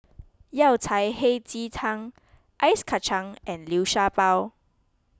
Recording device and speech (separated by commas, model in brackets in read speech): close-talking microphone (WH20), read sentence